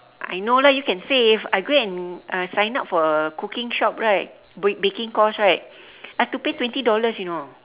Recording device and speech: telephone, conversation in separate rooms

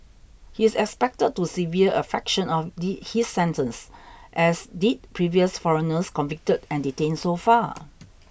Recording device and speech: boundary microphone (BM630), read sentence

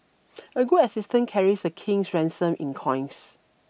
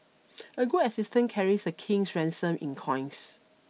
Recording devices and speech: boundary microphone (BM630), mobile phone (iPhone 6), read sentence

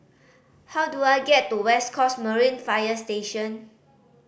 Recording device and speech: boundary microphone (BM630), read sentence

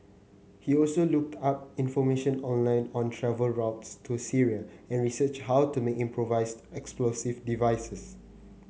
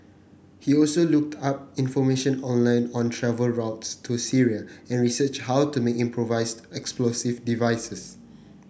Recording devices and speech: mobile phone (Samsung C9), boundary microphone (BM630), read sentence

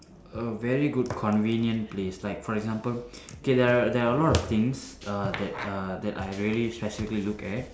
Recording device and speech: standing microphone, conversation in separate rooms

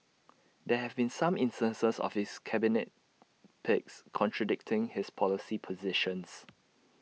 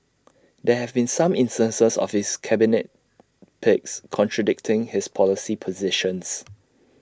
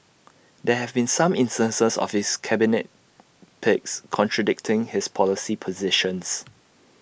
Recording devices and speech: mobile phone (iPhone 6), standing microphone (AKG C214), boundary microphone (BM630), read sentence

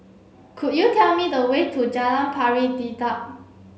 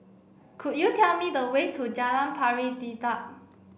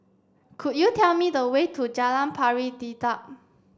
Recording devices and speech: mobile phone (Samsung C7), boundary microphone (BM630), standing microphone (AKG C214), read sentence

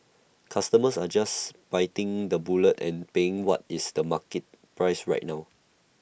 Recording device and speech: boundary microphone (BM630), read sentence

